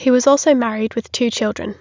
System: none